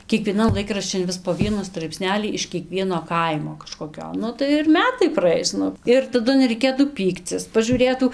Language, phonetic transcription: Lithuanian, kiekvieˈnan ˈlaikraščin ˈvis po ˈvienu straipˈsnelį iš kieˈkvieno ˈkaimo kažkoˈkio ˈnu tai ir ˈmetai praˈais ˈnu ˈir taˈdu nereiˈkėtų ˈpykcis pažūˈrėtų

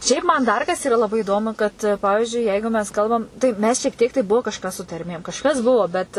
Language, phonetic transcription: Lithuanian, ˈšiaip ˈman ˈdar kas ˈyra laˈbai įˈdomu kad ˈpavižiui ˈjeigu mes ˈkalbam tai ˈmes šiek ˈtiek tai ˈbuvo ˈkažkas su tarˈmėm kažˈkas ˈbuvo bet

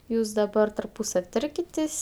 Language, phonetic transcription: Lithuanian, ˈjūs daˈbar tarˈpūsav' ˈtarkitės'

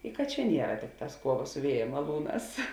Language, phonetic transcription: Lithuanian, i kad ˈčia ˈniera ˈtikˌtās ˈkuoˌva su ˈvieja maˈlūˌnās

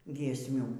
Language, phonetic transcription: Lithuanian, giesˈmių

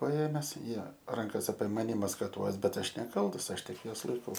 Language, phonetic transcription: Lithuanian, paˈėmes ˈjie ˈrankas apie ˈmani maskaˈtuos ˈbet ˈaš neˈkaltas ˈaš ˈtik ˈjuos laiˈkau

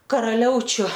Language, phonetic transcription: Lithuanian, karaˈliaučiu

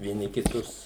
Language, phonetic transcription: Lithuanian, vieˈni kiˈtus

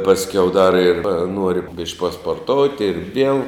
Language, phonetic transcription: Lithuanian, pasˈkiau dar ir ˈnuori bišk' pasporˈtouti ir viel

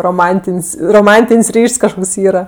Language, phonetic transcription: Lithuanian, roˈmantin's' roˈmantin's' ˈryš's' kažˈkoks ˈyra

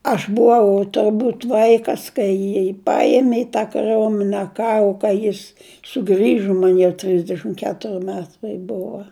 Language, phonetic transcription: Lithuanian, ˈaš buˈvau turˈbūt ˈvaikas kai ˈjį ˈpaėmi i tą kaˈriomine ˈkaru kai ˈjis suˈgrižu ˈman jau ˈtrisdešim ˈketuri ˈmetai ˈbuva

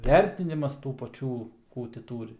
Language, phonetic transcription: Lithuanian, ˈvertinimas tų paˈčių ˈkų ti ˈtūri

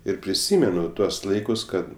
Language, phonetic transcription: Lithuanian, ir priˈsymenu ˈtuos ˈlaikus ˈkad

